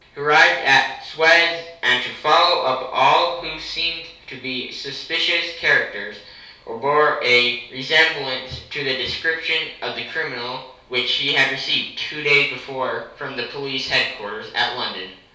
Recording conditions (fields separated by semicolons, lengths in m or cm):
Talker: one person; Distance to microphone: 3.0 m; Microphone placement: far; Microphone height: 1.8 m; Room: small (3.7 m by 2.7 m); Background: none